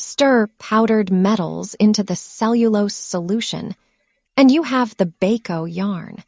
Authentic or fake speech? fake